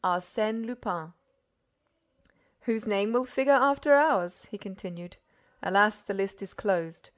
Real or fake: real